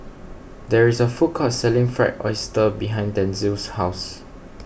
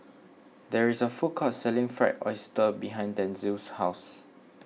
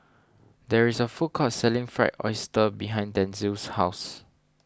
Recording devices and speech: boundary microphone (BM630), mobile phone (iPhone 6), standing microphone (AKG C214), read sentence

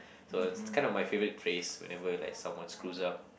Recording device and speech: boundary microphone, conversation in the same room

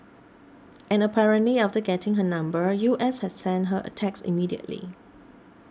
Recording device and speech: standing microphone (AKG C214), read sentence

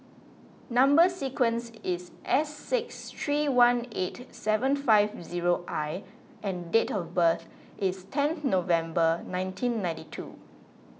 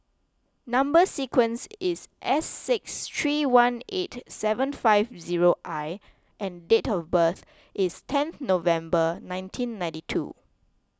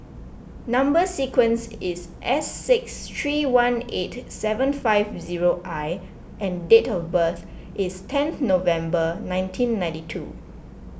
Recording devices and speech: mobile phone (iPhone 6), close-talking microphone (WH20), boundary microphone (BM630), read sentence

